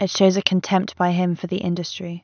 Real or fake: real